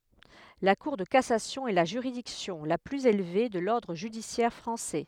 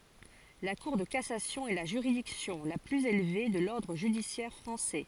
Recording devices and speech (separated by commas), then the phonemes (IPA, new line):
headset microphone, forehead accelerometer, read sentence
la kuʁ də kasasjɔ̃ ɛ la ʒyʁidiksjɔ̃ la plyz elve də lɔʁdʁ ʒydisjɛʁ fʁɑ̃sɛ